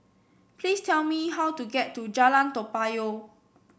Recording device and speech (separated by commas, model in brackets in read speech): boundary microphone (BM630), read sentence